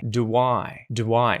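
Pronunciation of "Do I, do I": In 'do I', the oo of 'do' links into 'I', and a little w sound appears between the two vowels.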